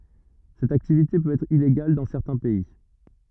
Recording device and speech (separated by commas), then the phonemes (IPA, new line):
rigid in-ear microphone, read sentence
sɛt aktivite pøt ɛtʁ ileɡal dɑ̃ sɛʁtɛ̃ pɛi